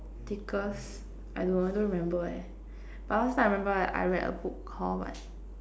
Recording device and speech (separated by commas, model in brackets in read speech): standing microphone, conversation in separate rooms